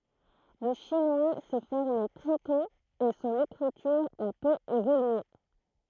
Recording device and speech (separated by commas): throat microphone, read sentence